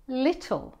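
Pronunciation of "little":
'Little' is said the standard British way: the t in the middle is said as a t, not as a flapped d.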